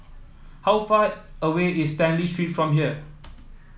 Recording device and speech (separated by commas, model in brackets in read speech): mobile phone (iPhone 7), read sentence